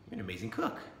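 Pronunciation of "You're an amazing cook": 'You're an amazing cook' is said in a tone of surprise.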